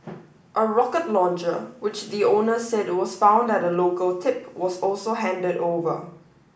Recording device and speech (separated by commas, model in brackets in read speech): boundary microphone (BM630), read sentence